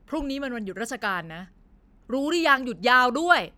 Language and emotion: Thai, frustrated